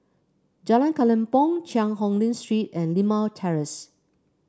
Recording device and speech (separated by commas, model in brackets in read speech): standing microphone (AKG C214), read sentence